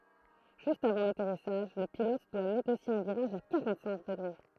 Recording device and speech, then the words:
throat microphone, read sentence
Juste avant l'atterrissage, le pilote doit négocier un virage à quarante-cinq degrés.

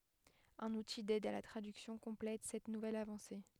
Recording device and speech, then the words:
headset microphone, read sentence
Un outil d'aide à la traduction complète cette nouvelle avancée.

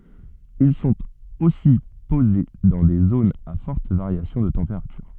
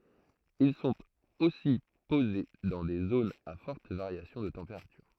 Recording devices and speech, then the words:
soft in-ear microphone, throat microphone, read sentence
Ils sont aussi posés dans des zones à forte variation de température.

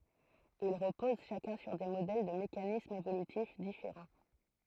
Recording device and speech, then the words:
throat microphone, read sentence
Ils reposent chacun sur des modèles de mécanismes évolutifs différents.

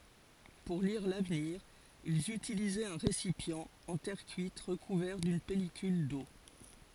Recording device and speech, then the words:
forehead accelerometer, read sentence
Pour lire l'avenir, ils utilisaient un récipient en terre cuite recouvert d’une pellicule d’eau.

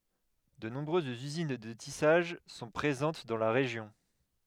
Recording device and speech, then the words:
headset microphone, read sentence
De nombreuses usines de tissage sont présentes dans la région.

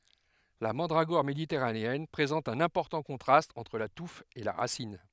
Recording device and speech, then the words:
headset microphone, read sentence
La mandragore méditerranéenne présente un important contraste entre la touffe et la racine.

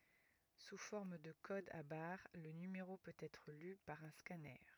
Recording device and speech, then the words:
rigid in-ear microphone, read sentence
Sous forme de codes à barres, le numéro peut être lu par un scanner.

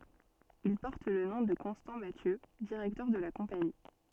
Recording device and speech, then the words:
soft in-ear microphone, read sentence
Il porte le nom de Constant Mathieu, directeur de la Compagnie.

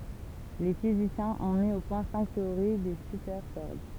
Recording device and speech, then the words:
temple vibration pickup, read sentence
Les physiciens ont mis au point cinq théories des supercordes.

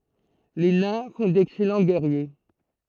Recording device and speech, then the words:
throat microphone, read sentence
Les Nains font d'excellents Guerriers.

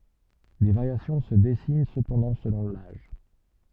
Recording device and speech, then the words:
soft in-ear microphone, read sentence
Des variations se dessinent cependant selon l'âge.

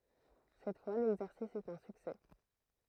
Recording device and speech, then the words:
throat microphone, read sentence
Cette fois, l’exercice est un succès.

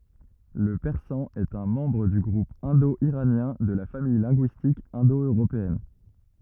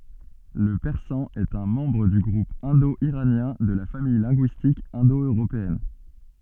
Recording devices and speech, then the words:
rigid in-ear microphone, soft in-ear microphone, read sentence
Le persan est un membre du groupe indo-iranien de la famille linguistique indo-européenne.

